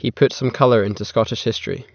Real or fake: real